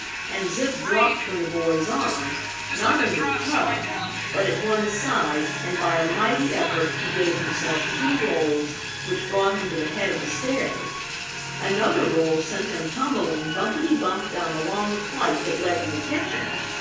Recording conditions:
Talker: one person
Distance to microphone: 9.8 m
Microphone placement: far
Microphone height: 1.8 m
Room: large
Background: television

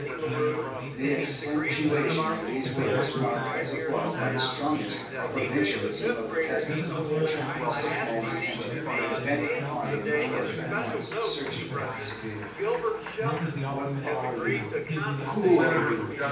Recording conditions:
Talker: one person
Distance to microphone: 9.8 m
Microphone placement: far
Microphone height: 1.8 m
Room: large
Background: babble

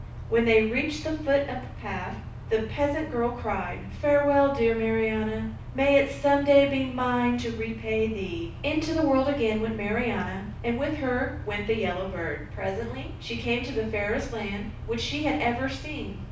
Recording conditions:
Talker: one person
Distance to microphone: 5.8 m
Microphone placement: far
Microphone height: 1.8 m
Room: medium-sized (5.7 m by 4.0 m)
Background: none

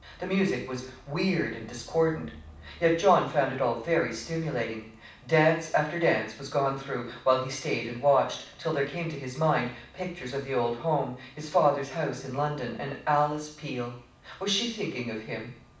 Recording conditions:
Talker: one person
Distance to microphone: 5.8 m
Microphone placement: far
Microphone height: 1.8 m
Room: medium-sized (5.7 m by 4.0 m)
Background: none

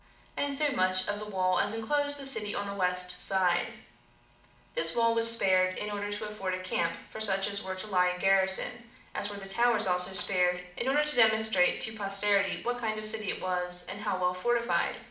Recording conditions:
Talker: one person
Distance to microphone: 2.0 m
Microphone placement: close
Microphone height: 99 cm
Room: medium-sized (5.7 m by 4.0 m)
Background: none

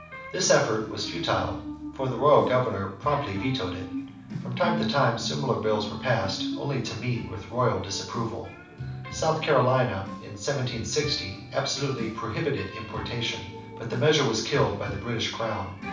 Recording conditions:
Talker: one person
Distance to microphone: 5.8 m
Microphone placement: far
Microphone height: 1.8 m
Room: medium-sized (5.7 m by 4.0 m)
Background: music

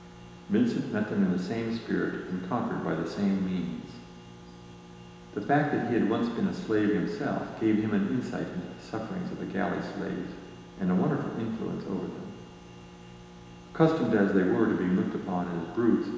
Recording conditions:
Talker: one person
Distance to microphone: 1.7 m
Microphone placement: close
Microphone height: 1.0 m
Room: very reverberant, large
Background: none

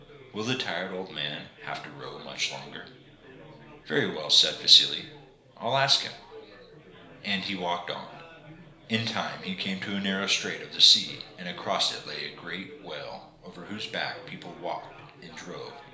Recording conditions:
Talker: one person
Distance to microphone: 1.0 m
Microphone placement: close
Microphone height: 1.1 m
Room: small (3.7 m by 2.7 m)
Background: babble

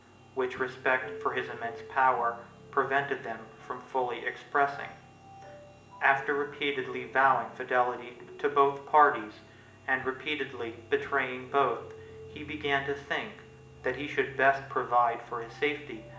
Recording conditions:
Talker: one person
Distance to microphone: 1.8 m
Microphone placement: close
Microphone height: 1.0 m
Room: large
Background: music

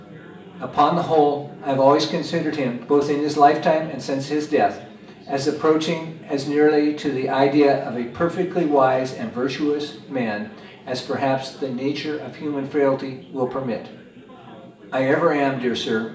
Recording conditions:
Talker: one person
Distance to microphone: 1.8 m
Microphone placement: close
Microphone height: 1.0 m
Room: large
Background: babble

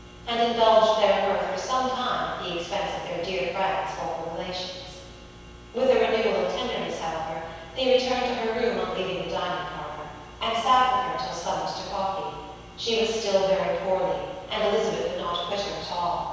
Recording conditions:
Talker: one person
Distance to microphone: 7.1 m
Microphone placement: far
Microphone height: 1.7 m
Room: very reverberant, large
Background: none

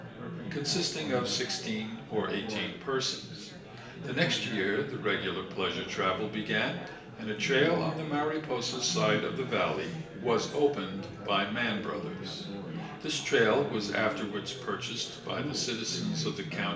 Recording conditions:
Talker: one person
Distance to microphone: 1.8 m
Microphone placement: close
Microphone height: 1.0 m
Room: large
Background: babble

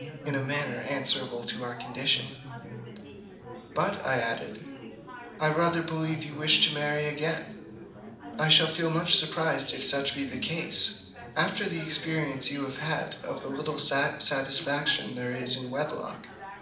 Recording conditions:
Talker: one person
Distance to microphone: 2.0 m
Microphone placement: close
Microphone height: 99 cm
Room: medium-sized (5.7 m by 4.0 m)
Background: babble

